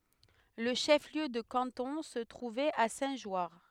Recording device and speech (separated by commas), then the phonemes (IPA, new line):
headset microphone, read sentence
lə ʃəfliø də kɑ̃tɔ̃ sə tʁuvɛt a sɛ̃tʒwaʁ